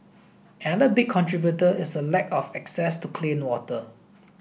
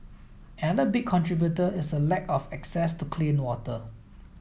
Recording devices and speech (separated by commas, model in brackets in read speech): boundary microphone (BM630), mobile phone (iPhone 7), read sentence